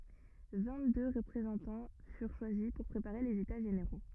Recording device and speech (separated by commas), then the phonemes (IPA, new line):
rigid in-ear microphone, read sentence
vɛ̃ɡtdø ʁəpʁezɑ̃tɑ̃ fyʁ ʃwazi puʁ pʁepaʁe lez eta ʒeneʁo